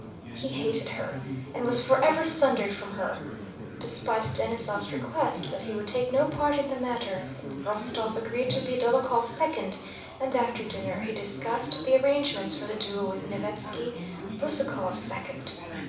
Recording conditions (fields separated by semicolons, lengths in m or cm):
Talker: one person; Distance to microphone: 5.8 m; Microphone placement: far; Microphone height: 1.8 m; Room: medium-sized (5.7 m by 4.0 m); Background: babble